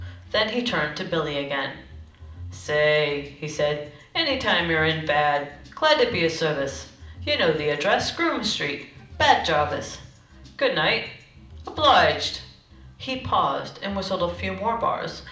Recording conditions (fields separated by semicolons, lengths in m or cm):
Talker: one person; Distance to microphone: 2.0 m; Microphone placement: close; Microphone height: 99 cm; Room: medium-sized (5.7 m by 4.0 m); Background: music